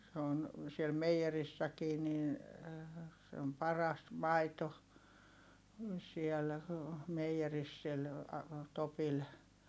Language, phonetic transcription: Finnish, se ‿on , siel meiʲerissäkii nin̬ , se om paras maito , siɛl , meiʲeris sil , Topil .
- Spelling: se on siellä meijerissäkin niin se on paras maito siellä meijerissä sillä Topilla

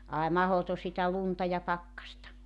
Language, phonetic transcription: Finnish, ài 'mahoto sitä "lunta ja "pakkasta !
- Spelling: ai mahdoton sitä lunta ja pakkasta

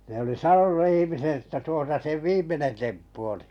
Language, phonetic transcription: Finnish, ne oli "sanonu 'ihimiset että 'tuosa seᵛ "viim̆menen 'temppu oli .
- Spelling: ne oli sanonut ihmiset että tuossa sen viimeinen temppu oli

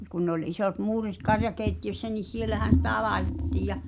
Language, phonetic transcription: Finnish, mut kun nᵉ ‿oĺ isot "muurit 'karjakèitti₍össä ni "sielähä̀n̬ sitä 'laetettiij̆ ja ,.
- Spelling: mutta kun ne oli isot muurit karjakeittiössä niin siellähän sitä laitettiin ja

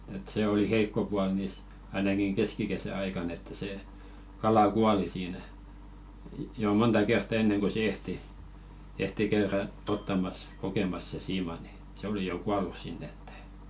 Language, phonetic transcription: Finnish, et 'se 'oli "heikko pual nìs , ainakiŋ "keskikesä 'aikan̆n ‿että sè , 'kala "kuali siinä , 'jo "monta 'kertta enneŋ ko se 'ehti , ehti 'käyrä , "ottamas , kokemas se 'siima ni , 'se oli "kualu 'sinnᵉ ‿ᴇtt ‿ᴇɪ .
- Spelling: että se oli heikko puoli niissä ainakin keskikesän aikana että se kala kuoli siinä jo monta kertaa ennen kuin sen ehti ehti käydä ottamassa kokemassa sen siiman niin se oli kuollut sinne että ei

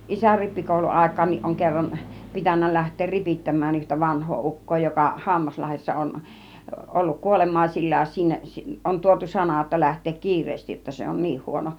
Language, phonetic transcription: Finnish, 'isär 'rippikòuluàik̆kaan̆niˀ ˀoŋ 'kerran , pitännä 'läht̆teer 'ripittäm̆mään yhtä 'vanh̆hoo 'uk̀koo joka , "Hammaslahessa 'on , 'olluk "kuolem̆màisillaa(s) sinne , si-ˀ , on tuotu "sanà jotta 'läht̆teek "ki̬ir̆reestij jotta se on "niih 'huono .
- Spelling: isän rippikouluaikaankin on kerran pitänyt lähteä ripittämään yhtä vanhaa ukkoa joka Hammaslahdessa on ollut kuolemaisillaan sinne - on tuotu sana jotta lähteä kiireesti jotta se on niin huono

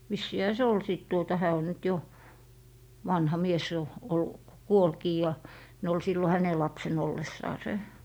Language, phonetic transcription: Finnish, vissiihä se "ol sìt tuota 'hää o nyt jo , 'vanha "mies jo , ollu- , "kuolkii ja , ne ol 'sillo "häne 'lapsen 'ollessaase .
- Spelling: vissiinhän se oli sitten tuota hän on nyt jo vanha mies jo - kuolikin ja ne oli silloin hänen lapsena ollessaan

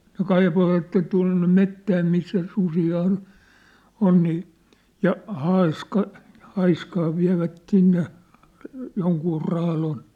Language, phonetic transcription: Finnish, no "kaip̳ovatten tua̭nne "mettää missä 'susii on , 'on nii , ja 'haiska , 'haiskaa viä̭vät sinne , joŋkuu 'raalon .
- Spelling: no kaivoivat tuonne metsään missä susia on on niin ja haaska haaskaa vievät sinne jonkun raadon

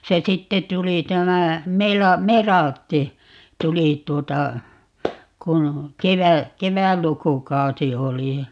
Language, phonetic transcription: Finnish, 'se "sitte 'tuli 'tämä , "Mela- , "Meraltti . "tuli 't̀uota , 'kun "kevä- , "kevällukukausi 'oli ja ,.
- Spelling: se sitten tuli tämä - Melartin tuli tuota kun - kevätlukukausi oli ja

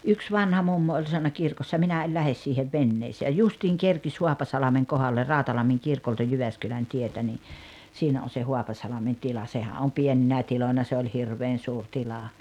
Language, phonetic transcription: Finnish, yks 'vanha 'mummo oĺ sanna 'kirkossa » minä el "lähes siihev "venneesee « ja 'justiiŋ 'kerkis "Huapasalameŋ 'kohaller "Ràotalammiŋ 'kirkolta 'Jyväskylän 'tietä ni , 'siinä 'on̬ se 'Huapasalamen 'tila 'sehä om "pieninä 'tiloina se oĺ "hirveen 'suur 'tila .
- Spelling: yksi vanha mummo oli sanonut kirkossa minä en lähde siihen veneeseen ja justiin kerkisi Haapasalmen kohdalle Rautalammin kirkolta Jyväskylän tietä niin siinä on se Haapasalmen tila sehän on pieninä tiloina se oli hirveän suuri tila

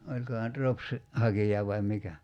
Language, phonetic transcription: Finnish, 'oĺkohà nyt 'ropsi , 'hakija vaim 'mikä ?
- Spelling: olikohan nyt ropsin hakija vai mikä

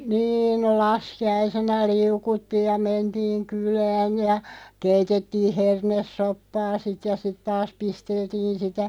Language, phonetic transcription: Finnish, 'niin no "laski₍aisena 'liukuttiij ja 'mentiiŋ 'kylään̳§ ja 'keitettiiʰ "hernes'soppaa sit ja , 'sit taas 'pisteltiin sitä ,.
- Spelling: niin no laskiaisena liu'uttiin ja mentiin kylään ja keitettiin hernesoppaa sitten ja sitten taas pisteltiin sitä

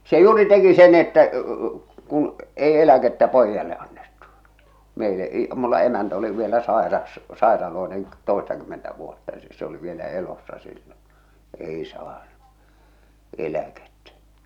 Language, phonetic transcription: Finnish, 'se 'juuri teki sen ‿että , kun , ei "eläkettä "poijjale annettu , meile’ i- , mulla 'emäntä oli vielä 'sàeras , 'sàeraloenen , 'tòestakymmentä vuotta ˢᵉ se oli vielä 'elossa sillon̬ , "èi saanu , 'eläkettᴀ̈ .
- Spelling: se juuri teki sen että kun ei eläkettä pojalle annettu meille - minulla emäntä oli vielä sairas sairaalloinen toistakymmentä vuotta se se oli vielä elossa silloin ei saanut eläkettä

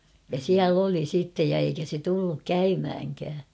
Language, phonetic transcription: Finnish, ja "siäl ‿oli sittej ja eikä se tulluk "käymhäŋkää .
- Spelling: ja siellä oli sitten ja eikä se tullut käymäänkään

